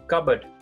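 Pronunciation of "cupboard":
'Cupboard' is pronounced correctly here.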